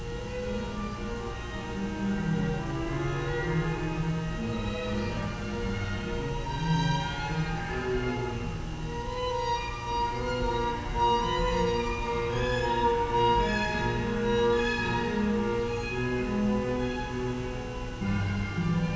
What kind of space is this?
A large and very echoey room.